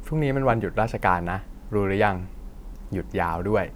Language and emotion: Thai, neutral